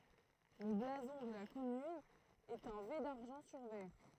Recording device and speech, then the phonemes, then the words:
throat microphone, read sentence
lə blazɔ̃ də la kɔmyn ɛt œ̃ ve daʁʒɑ̃ syʁ vɛʁ
Le blason de la commune est un V d'argent sur vert.

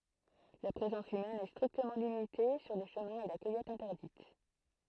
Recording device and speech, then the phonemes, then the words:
throat microphone, read sentence
la pʁezɑ̃s ymɛn ɛ stʁiktəmɑ̃ limite syʁ le ʃəmɛ̃z e la kœjɛt ɛ̃tɛʁdit
La présence humaine est strictement limitée sur les chemins et la cueillette interdite.

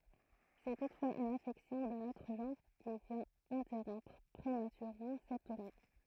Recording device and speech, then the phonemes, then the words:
throat microphone, read sentence
sɛ tutfwaz yn afɛksjɔ̃ dœ̃n otʁ ʒɑ̃ʁ ki vjɛ̃t ɛ̃tɛʁɔ̃pʁ pʁematyʁemɑ̃ sɛt tuʁne
C'est toutefois une affection d'un autre genre qui vient interrompre prématurément cette tournée.

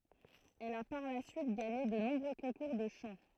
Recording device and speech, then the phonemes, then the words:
throat microphone, read sentence
ɛl a paʁ la syit ɡaɲe də nɔ̃bʁø kɔ̃kuʁ də ʃɑ̃
Elle a par la suite gagné de nombreux concours de chant.

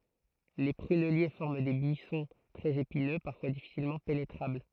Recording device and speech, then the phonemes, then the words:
throat microphone, read sentence
le pʁynɛlje fɔʁm de byisɔ̃ tʁɛz epinø paʁfwa difisilmɑ̃ penetʁabl
Les prunelliers forment des buissons très épineux, parfois difficilement pénétrables.

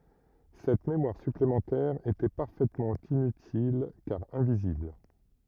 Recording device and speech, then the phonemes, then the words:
rigid in-ear microphone, read sentence
sɛt memwaʁ syplemɑ̃tɛʁ etɛ paʁfɛtmɑ̃ inytil kaʁ ɛ̃vizibl
Cette mémoire supplémentaire était parfaitement inutile car invisible.

